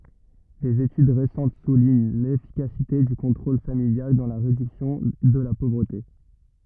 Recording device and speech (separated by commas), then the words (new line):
rigid in-ear microphone, read sentence
Des études récentes soulignent l’efficacité du contrôle familial dans la réduction de la pauvreté.